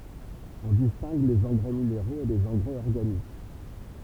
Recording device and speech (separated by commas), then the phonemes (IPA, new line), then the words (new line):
temple vibration pickup, read sentence
ɔ̃ distɛ̃ɡ lez ɑ̃ɡʁɛ mineʁoz e lez ɑ̃ɡʁɛz ɔʁɡanik
On distingue les engrais minéraux et les engrais organiques.